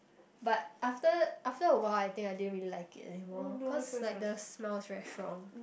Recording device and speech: boundary microphone, conversation in the same room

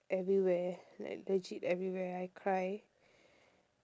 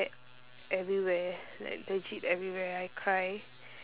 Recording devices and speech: standing microphone, telephone, conversation in separate rooms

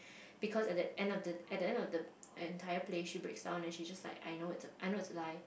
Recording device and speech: boundary microphone, conversation in the same room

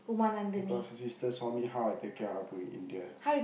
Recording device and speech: boundary microphone, conversation in the same room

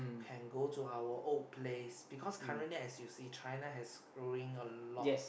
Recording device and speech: boundary microphone, conversation in the same room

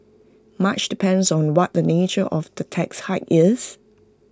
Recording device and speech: close-talking microphone (WH20), read sentence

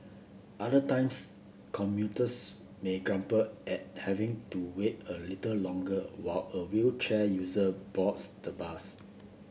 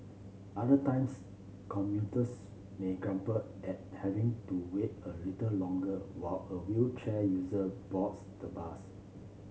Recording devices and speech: boundary microphone (BM630), mobile phone (Samsung C7), read sentence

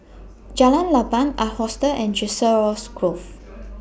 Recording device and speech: boundary microphone (BM630), read sentence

